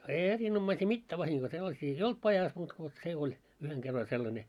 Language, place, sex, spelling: Finnish, Moloskovitsa, male, ei erinomaisia mitään vahinkoja sellaisia ei ollut pajassa muuta kuin se oli yhden kerran oli sellainen
- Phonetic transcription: ei 'erinommaisii "mittää vahiŋɢoi sellasii ei "olt pajas muut ko , 'se oĺ , yheŋ 'ɢerr ‿oĺ 'sel-lańe .

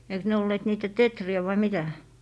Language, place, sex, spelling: Finnish, Lappee, female, eikös ne olleet niitä teeriä vai mitä
- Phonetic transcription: eiks 'ne olleet niitä "tetri₍ä vai 'mitä .

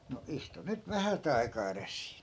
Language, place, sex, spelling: Finnish, Askola, male, no istu nyt vähät aikaa edes siinä
- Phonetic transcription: » no 'istu 'nyt "vähät ‿ai̮kaa 'eres siin̬ » .

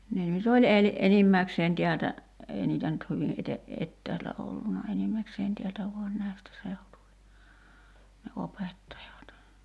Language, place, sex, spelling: Finnish, Kerimäki, female, ne nyt oli - enimmäkseen täältä ei niitä nyt hyvin - etäältä ollut enimmäkseen täältä vain näistä seutuvin ne opettajat
- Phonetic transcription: 'ne nyt ‿oĺ 'el- , 'enimmäkseen 'tiältä , 'èi niitä nyt 'hyvi ’ete- , "ettäältä olluna 'enimmäkseen 'tiältä vuan 'nä̀i̬stä 'seutuvi , ne 'opettajat .

